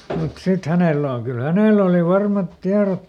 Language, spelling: Finnish, mutta sitten hänellä on kyllä hänellä oli varmat tiedot
- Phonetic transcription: mut ˈsit ˈhänèlä oŋ kyl "hänèl ‿oli ˈvarmat ˈtiarot .

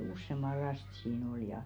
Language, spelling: Finnish, useamman lasta siinä oli ja
- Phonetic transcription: 'ussemaˡ "last sii'n ‿ol ja .

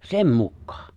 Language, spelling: Finnish, sen mukaan
- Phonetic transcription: sem 'mukkᴀᴀ .

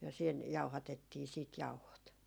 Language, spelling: Finnish, ja siinä jauhatettiin sitten jauhot
- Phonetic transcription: ja siin , 'jauhatettii siit "jauhot .

